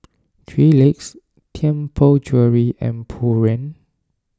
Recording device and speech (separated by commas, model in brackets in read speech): standing microphone (AKG C214), read sentence